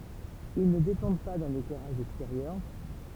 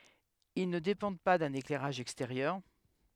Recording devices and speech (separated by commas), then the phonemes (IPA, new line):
temple vibration pickup, headset microphone, read sentence
il nə depɑ̃d pa dœ̃n eklɛʁaʒ ɛksteʁjœʁ